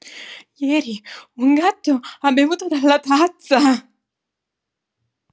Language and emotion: Italian, fearful